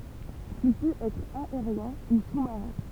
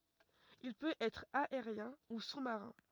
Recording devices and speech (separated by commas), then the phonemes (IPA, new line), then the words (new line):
temple vibration pickup, rigid in-ear microphone, read sentence
il pøt ɛtʁ aeʁjɛ̃ u su maʁɛ̃
Il peut être aérien  ou sous-marin.